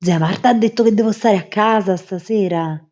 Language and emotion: Italian, disgusted